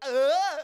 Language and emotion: Thai, happy